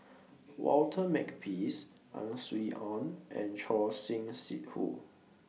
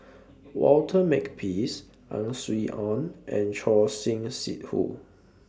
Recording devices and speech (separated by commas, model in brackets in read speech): mobile phone (iPhone 6), standing microphone (AKG C214), read sentence